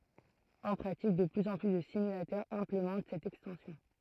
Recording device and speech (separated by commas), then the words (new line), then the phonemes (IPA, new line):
throat microphone, read sentence
En pratique, de plus en plus de simulateurs implémentent cette extension.
ɑ̃ pʁatik də plyz ɑ̃ ply də simylatœʁz ɛ̃plemɑ̃t sɛt ɛkstɑ̃sjɔ̃